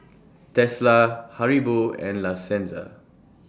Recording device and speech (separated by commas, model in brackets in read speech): standing microphone (AKG C214), read sentence